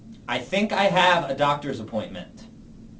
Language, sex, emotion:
English
male
neutral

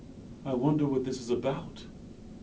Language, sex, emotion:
English
male
fearful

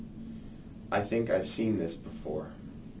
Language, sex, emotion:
English
male
neutral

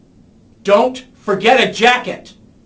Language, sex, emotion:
English
male
angry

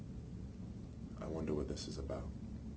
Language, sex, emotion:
English
male
neutral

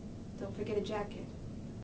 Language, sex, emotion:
English
female
neutral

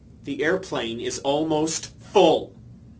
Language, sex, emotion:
English
male
angry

